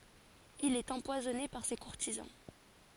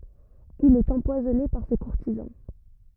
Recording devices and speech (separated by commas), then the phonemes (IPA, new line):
forehead accelerometer, rigid in-ear microphone, read sentence
il ɛt ɑ̃pwazɔne paʁ se kuʁtizɑ̃